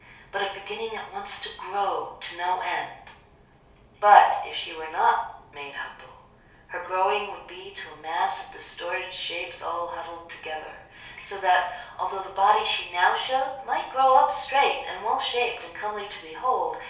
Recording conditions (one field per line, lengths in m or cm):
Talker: one person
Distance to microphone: 3.0 m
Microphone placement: far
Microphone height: 1.8 m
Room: small (3.7 m by 2.7 m)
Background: none